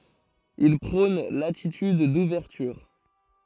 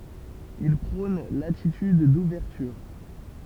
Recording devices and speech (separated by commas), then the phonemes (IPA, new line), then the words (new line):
throat microphone, temple vibration pickup, read sentence
il pʁɔ̃n latityd duvɛʁtyʁ
Il prône l'attitude d'ouverture.